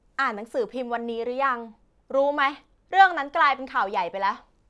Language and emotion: Thai, frustrated